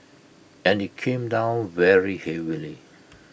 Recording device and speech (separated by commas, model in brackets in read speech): boundary microphone (BM630), read sentence